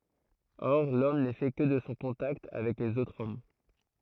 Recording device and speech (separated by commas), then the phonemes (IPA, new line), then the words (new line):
throat microphone, read sentence
ɔʁ lɔm nɛ fɛ kə də sɔ̃ kɔ̃takt avɛk lez otʁz ɔm
Or l'homme n'est fait que de son contact avec les autres hommes.